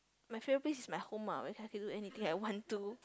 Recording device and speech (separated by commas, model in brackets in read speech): close-talking microphone, conversation in the same room